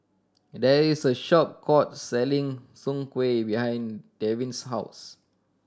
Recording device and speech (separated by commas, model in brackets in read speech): standing microphone (AKG C214), read sentence